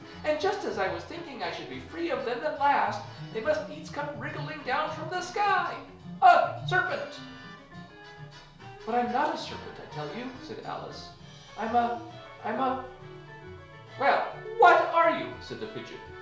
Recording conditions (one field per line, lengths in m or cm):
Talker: one person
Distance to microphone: 1.0 m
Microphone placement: close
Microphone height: 1.1 m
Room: small (3.7 m by 2.7 m)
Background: music